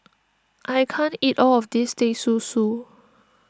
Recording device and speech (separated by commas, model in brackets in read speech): standing microphone (AKG C214), read sentence